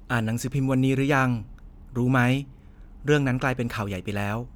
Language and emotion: Thai, neutral